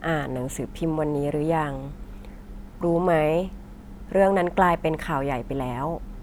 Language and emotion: Thai, neutral